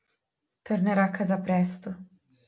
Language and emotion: Italian, sad